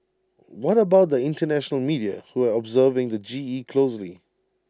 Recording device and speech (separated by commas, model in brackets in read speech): standing microphone (AKG C214), read sentence